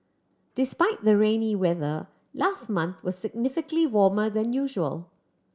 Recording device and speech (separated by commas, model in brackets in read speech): standing microphone (AKG C214), read sentence